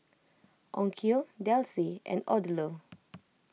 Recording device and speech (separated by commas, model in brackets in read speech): mobile phone (iPhone 6), read sentence